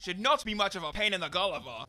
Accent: in Cockney accent